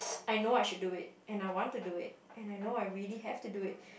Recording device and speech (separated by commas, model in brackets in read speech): boundary microphone, conversation in the same room